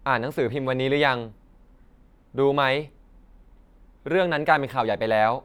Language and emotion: Thai, neutral